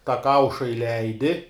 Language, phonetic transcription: Lithuanian, tą ˈkauša iˈleidi

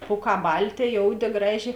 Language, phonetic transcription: Lithuanian, ˈpūˌkā ˈbalˌtė ˈjouˌdė ˈgraˌžė

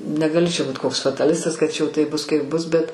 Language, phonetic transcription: Lithuanian, negaˈli čia ˈbūt koks fataˈlistas kad ˈčia jau ˈtaip ˈbus kaip ˈbus ˈbet

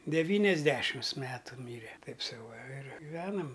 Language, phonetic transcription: Lithuanian, deˈvyniasˌdešims ˈmetu ˈmyre ˈtaip ˈsau va ir giˈvenam

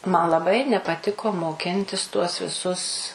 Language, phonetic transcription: Lithuanian, man laˈbai nepaˈtiko moˈkintis tuos viˈsus

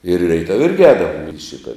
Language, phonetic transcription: Lithuanian, ir reiˈtav' ˈirgi ˈēdavom ir i ˈšita

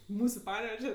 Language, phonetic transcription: Lithuanian, ˈmūsu ˈpaneveže

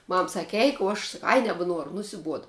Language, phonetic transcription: Lithuanian, ˈmam ˈsaki ˈeik o ˈaš s nebeˈnuoru nusiˈbuoda

